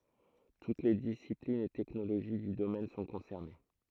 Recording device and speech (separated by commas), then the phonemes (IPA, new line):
throat microphone, read sentence
tut le disiplinz e tɛknoloʒi dy domɛn sɔ̃ kɔ̃sɛʁne